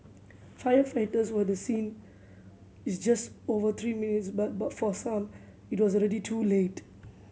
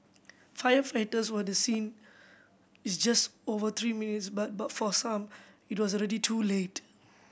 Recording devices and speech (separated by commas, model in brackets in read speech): mobile phone (Samsung C7100), boundary microphone (BM630), read sentence